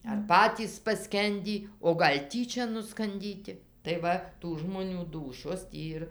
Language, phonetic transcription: Lithuanian, ar ˈpatys paˈskendį o ˈgal' ˈtyčia nuskanˈdyti tai ˈva tų žmoˈnių ˈdūšios ˈtį ir

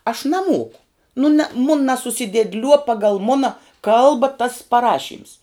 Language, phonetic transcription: Lithuanian, aš naˈmoku nu na mun nasusidėdˈliuo ˈpagal ˈmuna ˈkalba tas paˈrašyms

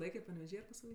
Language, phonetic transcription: Lithuanian, ˈlaikė paneveˈžy ar pasvaˈly

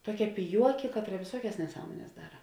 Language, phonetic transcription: Lithuanian, ˈtuoˌkia piˈjuoki ˈkatˌra viˈsuokias neˈsąmones ˈdara

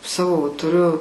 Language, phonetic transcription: Lithuanian, ˈsavo va tuˈriu

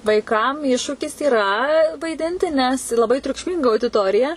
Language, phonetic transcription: Lithuanian, vaiˈkam ˈiššūkis yra vaiˈdinti nes laˈbai triukšˈminga audiˈtorija

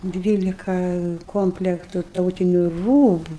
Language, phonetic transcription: Lithuanian, ˈdvylika ˈkomplektu ˈtautiniu ˈrūbu

